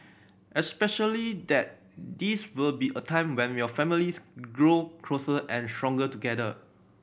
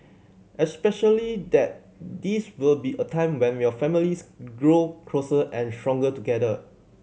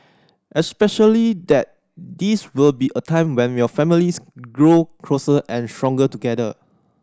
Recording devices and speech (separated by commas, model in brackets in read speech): boundary microphone (BM630), mobile phone (Samsung C7100), standing microphone (AKG C214), read sentence